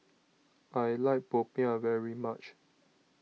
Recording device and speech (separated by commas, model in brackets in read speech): mobile phone (iPhone 6), read sentence